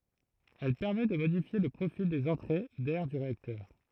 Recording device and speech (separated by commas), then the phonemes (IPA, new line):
throat microphone, read sentence
ɛl pɛʁmɛt də modifje lə pʁofil dez ɑ̃tʁe dɛʁ dy ʁeaktœʁ